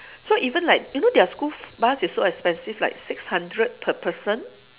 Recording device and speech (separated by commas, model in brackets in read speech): telephone, conversation in separate rooms